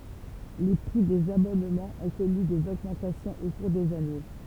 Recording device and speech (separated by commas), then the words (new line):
temple vibration pickup, read sentence
Les prix des abonnements ont connu des augmentations au cours des années.